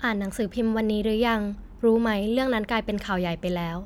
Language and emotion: Thai, neutral